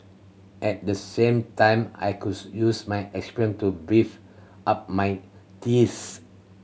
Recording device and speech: mobile phone (Samsung C7100), read sentence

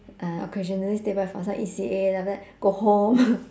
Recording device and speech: standing microphone, conversation in separate rooms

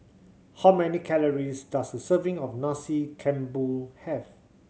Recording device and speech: mobile phone (Samsung C7100), read sentence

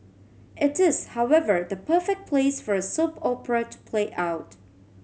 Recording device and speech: mobile phone (Samsung C7100), read sentence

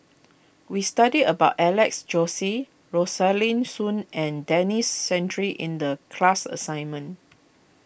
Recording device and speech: boundary microphone (BM630), read sentence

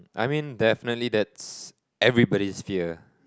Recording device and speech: close-talking microphone, conversation in the same room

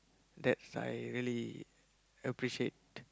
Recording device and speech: close-talking microphone, conversation in the same room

